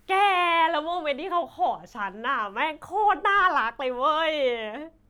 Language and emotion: Thai, happy